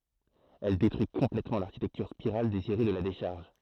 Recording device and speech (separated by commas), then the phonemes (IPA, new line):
throat microphone, read sentence
ɛl detʁyi kɔ̃plɛtmɑ̃ laʁʃitɛktyʁ spiʁal deziʁe də la deʃaʁʒ